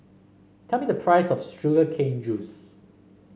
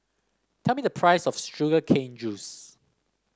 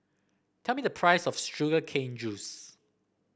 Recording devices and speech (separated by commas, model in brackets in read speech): mobile phone (Samsung C5), standing microphone (AKG C214), boundary microphone (BM630), read sentence